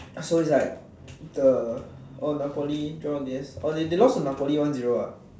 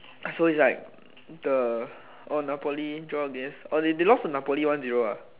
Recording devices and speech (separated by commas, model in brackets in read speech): standing microphone, telephone, conversation in separate rooms